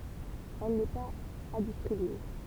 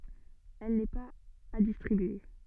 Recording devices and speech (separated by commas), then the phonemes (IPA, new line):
temple vibration pickup, soft in-ear microphone, read sentence
ɛl nɛ paz a distʁibye